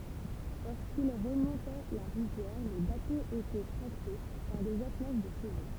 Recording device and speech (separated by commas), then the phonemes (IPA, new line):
temple vibration pickup, read sentence
loʁskil ʁəmɔ̃tɛ la ʁivjɛʁ le batoz etɛ tʁakte paʁ dez atlaʒ də ʃəvo